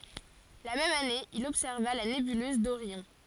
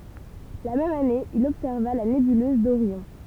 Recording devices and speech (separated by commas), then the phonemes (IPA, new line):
forehead accelerometer, temple vibration pickup, read sentence
la mɛm ane il ɔbsɛʁva la nebyløz doʁjɔ̃